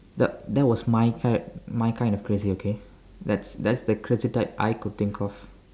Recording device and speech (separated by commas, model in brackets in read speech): standing microphone, conversation in separate rooms